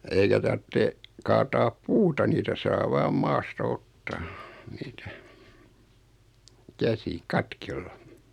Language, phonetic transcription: Finnish, 'eikä tartte , 'kaataap "puuta 'niitä saa 'vaam "maasta 'ottaa , 'niitä , 'käsi , "katkella .
- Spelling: eikä tarvitse kaataa puuta niitä saa vain maasta ottaa niitä käsin katkoilla

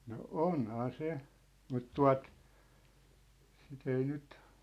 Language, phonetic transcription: Finnish, no "ònhaa "se , mut "tua̭t , sit ‿ei 'nyt ,.
- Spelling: no onhan se mutta tuota sitten ei nyt

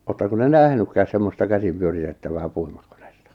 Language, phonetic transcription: Finnish, 'oottako te "nähnykkääs semmosta 'käsim pyöritettävää 'pui-murkᴏɴᴇstᴀ ?
- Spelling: oletteko te nähnytkään semmoista käsin pyöritettävää puimurikonetta

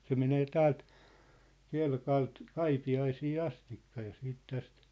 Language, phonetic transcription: Finnish, 'se 'menee "täält , 'Kelkalt , "Kaipi₍aisii "astikka ja 'siit 'täst ,.
- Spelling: se menee täältä Kelkalta Kaipiaisiin asti ja sitten tästä

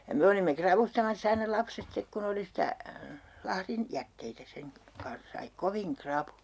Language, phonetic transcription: Finnish, ja "me olimme 'kravustamass ‿aina 'lapset 'stek kun ‿oli sitä , 'lahrin- , -'jätteitä seŋ ka- , 'kans sai "koviŋ 'krapujA .
- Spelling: ja me olimme ravustamassa aina lapset sitten kun oli sitä lahdin jätteitä sen - kanssa sai kovin rapuja

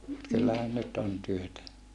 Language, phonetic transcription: Finnish, mut kyllähän nyt on työtä .
- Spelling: mutta kyllähän nyt on työtä

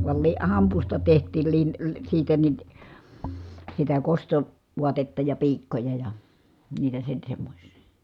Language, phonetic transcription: Finnish, val li- , hampusta teht̀iil lin- , siitä nin , sitä kosto- , -vuatetta ja piikkoja ja , niitä sen̬ semmośsI .
- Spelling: - - hampusta tehtiin - siitä niin sitä - kostovaatetta ja piikkoja ja niitä sen semmoisia

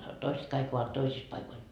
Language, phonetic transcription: Finnish, 'toiset 'kaik ovat 'toisis paikoil .
- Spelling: toiset kaikki ovat toisissa paikoilla

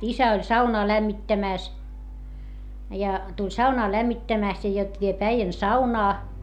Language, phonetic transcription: Finnish, isä oĺ saunaa lämmittämä̀s , ja , tuĺ saunaa lämmittämä̀st ja jot viep äijän saunaa .
- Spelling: isä oli saunaan lämmittämässä ja tuli saunaa lämmittämästä ja jotta vie äijän saunaan

